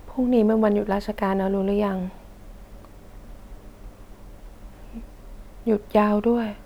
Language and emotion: Thai, sad